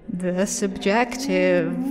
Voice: spooky voice